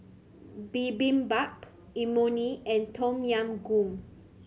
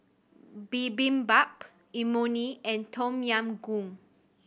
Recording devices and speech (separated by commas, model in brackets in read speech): mobile phone (Samsung C7100), boundary microphone (BM630), read sentence